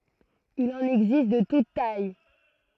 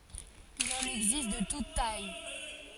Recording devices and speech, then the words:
throat microphone, forehead accelerometer, read sentence
Il en existe de toutes tailles.

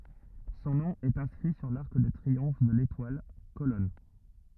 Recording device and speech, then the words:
rigid in-ear microphone, read sentence
Son nom est inscrit sur l'arc de triomphe de l'Étoile, colonne.

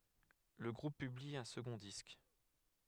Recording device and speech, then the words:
headset microphone, read sentence
Le groupe publie un second disque.

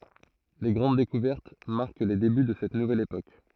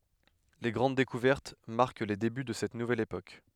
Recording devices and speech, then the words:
throat microphone, headset microphone, read sentence
Les grandes découvertes marquent les débuts de cette nouvelle époque.

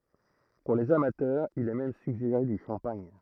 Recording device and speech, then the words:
throat microphone, read sentence
Pour les amateurs, il est même suggéré du champagne.

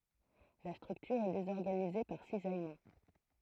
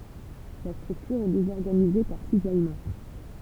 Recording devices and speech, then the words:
throat microphone, temple vibration pickup, read sentence
La structure est désorganisée par cisaillement.

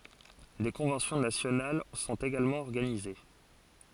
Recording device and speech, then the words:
forehead accelerometer, read sentence
Des conventions nationales sont également organisées.

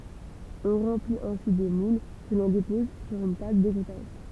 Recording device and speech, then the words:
temple vibration pickup, read sentence
On remplit ensuite des moules que l'on dépose sur une table d'égouttage.

